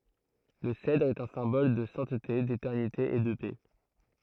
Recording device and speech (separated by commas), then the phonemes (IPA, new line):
throat microphone, read sentence
lə sɛdʁ ɛt œ̃ sɛ̃bɔl də sɛ̃tte detɛʁnite e də pɛ